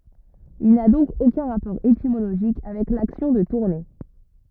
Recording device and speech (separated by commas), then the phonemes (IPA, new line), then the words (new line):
rigid in-ear microphone, read sentence
il na dɔ̃k okœ̃ ʁapɔʁ etimoloʒik avɛk laksjɔ̃ də tuʁne
Il n'a donc aucun rapport étymologique avec l'action de tourner.